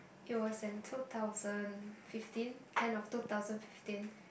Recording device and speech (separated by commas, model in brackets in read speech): boundary microphone, conversation in the same room